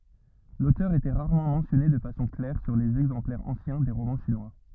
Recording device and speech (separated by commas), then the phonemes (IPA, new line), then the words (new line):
rigid in-ear microphone, read sentence
lotœʁ etɛ ʁaʁmɑ̃ mɑ̃sjɔne də fasɔ̃ klɛʁ syʁ lez ɛɡzɑ̃plɛʁz ɑ̃sjɛ̃ de ʁomɑ̃ ʃinwa
L’auteur était rarement mentionné de façon claire sur les exemplaires anciens des romans chinois.